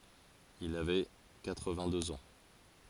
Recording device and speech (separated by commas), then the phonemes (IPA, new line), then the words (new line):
forehead accelerometer, read sentence
il avɛ katʁvɛ̃tdøz ɑ̃
Il avait quatre-vingt-deux ans.